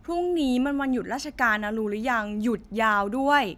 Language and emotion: Thai, neutral